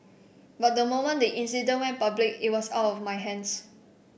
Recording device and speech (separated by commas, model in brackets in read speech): boundary microphone (BM630), read sentence